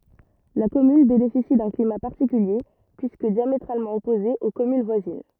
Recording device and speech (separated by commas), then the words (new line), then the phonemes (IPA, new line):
rigid in-ear microphone, read sentence
La commune bénéficie d’un climat particulier puisque diamétralement opposé aux communes voisines.
la kɔmyn benefisi dœ̃ klima paʁtikylje pyiskə djametʁalmɑ̃ ɔpoze o kɔmyn vwazin